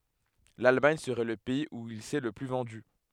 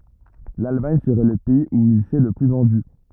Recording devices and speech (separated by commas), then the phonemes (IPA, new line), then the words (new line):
headset microphone, rigid in-ear microphone, read sentence
lalmaɲ səʁɛ lə pɛiz u il sɛ lə ply vɑ̃dy
L'Allemagne serait le pays où il s'est le plus vendu.